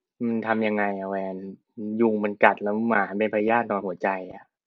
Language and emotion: Thai, frustrated